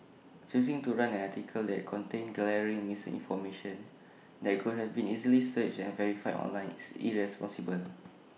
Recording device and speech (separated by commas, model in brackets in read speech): mobile phone (iPhone 6), read sentence